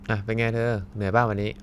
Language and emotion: Thai, neutral